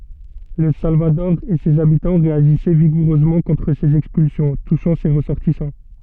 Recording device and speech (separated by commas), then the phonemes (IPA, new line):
soft in-ear microphone, read sentence
lə salvadɔʁ e sez abitɑ̃ ʁeaʒisɛ viɡuʁøzmɑ̃ kɔ̃tʁ sez ɛkspylsjɔ̃ tuʃɑ̃ se ʁəsɔʁtisɑ̃